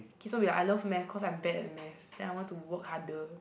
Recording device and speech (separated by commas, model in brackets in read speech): boundary microphone, conversation in the same room